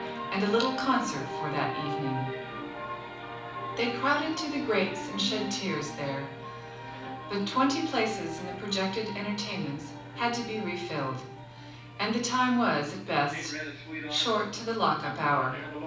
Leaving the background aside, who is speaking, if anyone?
One person.